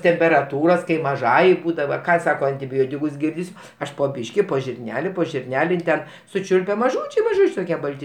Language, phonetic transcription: Lithuanian, temperaˈtūros kai maˈžajai ˈbūdava ˈką ˈsaka antiˈbiotikus ˈgirdis' ˈaš po ˈbyški po žirˈneli po žirˈneli in ˈten suˈčiulpia maˈžūčiai maˈžūčiai toˈkie ˈbalti

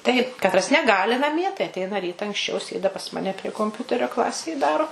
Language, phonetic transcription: Lithuanian, taip katˈras neˈgali naˈmie tai atˈeina ˈryta anksˈčiau ˈsėda pas ˈmane prie komˈpiuterio ˈklasėj ˈdaro

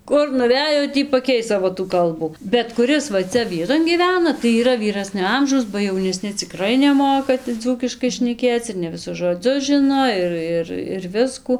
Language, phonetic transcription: Lithuanian, ˈkur nuˈvejo ˈtį paˈkeis ˈsavo tų ˈkalbų bet kuˈris va ˈcia ˈvieton gyˈvena tai yˈra vyˈrasnio ˈamžaus ba jauneˈsni ciˈkrai neˈmoka tai ˈdzūkiškai šneˈkėc ir ne viˈsus žoˈdzius žɨno ˈir ir ir ˈviskų

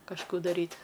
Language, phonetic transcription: Lithuanian, kažˈkų daˈryt'

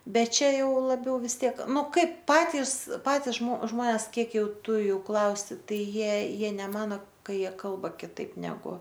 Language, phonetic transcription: Lithuanian, ˈbet ˈčia ˈjau laˈbiau vis ˈtiek ˈnu ˈkaip ˈpatis ˈpatis žmo ˈžmones ˈkiek ˈjau ˈtu ˈjų ˈklausi ˈtai ˈjie ˈjie neˈmano ˈka ˈjie ˈkalba kiˈtaip neˈgu

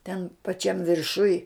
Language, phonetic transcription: Lithuanian, ten paˈčiam virˈšuj

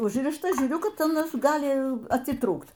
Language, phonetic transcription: Lithuanian, ˈužrišta ˈžiūriu ˈkad aˈnas ˈgali atiˈtrūkt

